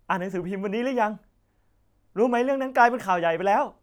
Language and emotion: Thai, happy